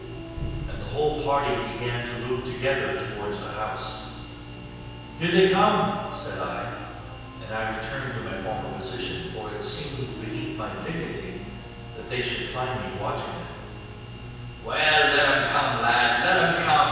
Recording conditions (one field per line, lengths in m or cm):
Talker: one person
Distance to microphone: 7.1 m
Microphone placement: far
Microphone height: 1.7 m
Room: very reverberant, large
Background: music